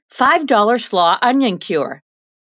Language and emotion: English, fearful